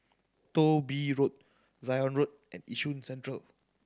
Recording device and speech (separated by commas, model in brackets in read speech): standing microphone (AKG C214), read sentence